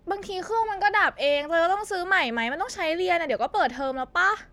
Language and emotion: Thai, frustrated